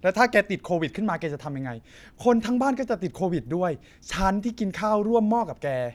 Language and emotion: Thai, frustrated